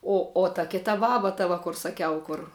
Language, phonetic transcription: Lithuanian, ˈo o ta ˈkita ˈbaba ta ˈva kur saˈkiau ˈkur

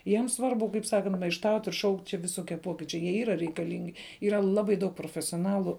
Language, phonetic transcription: Lithuanian, ˈjiems ˈsvarbu kaip ˈsakant maišˈtaut' ir šaukt' čia viˈsokie ˈpokyčiai jie ˈyra reikaˈlingi ˈyra ˈlabai daug profesioˈnalu

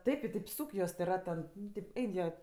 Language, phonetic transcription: Lithuanian, ˈtaip i taip ˈsūk juos tė ˈrat ten ˈnu tėp ˈein jie

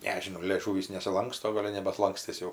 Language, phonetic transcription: Lithuanian, ˈnežinau lėˈžūvys nesiˈlanksto ˈgol' jau nebatlankˈstis jau

